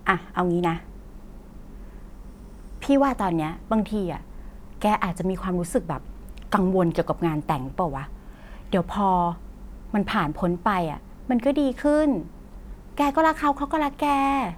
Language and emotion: Thai, neutral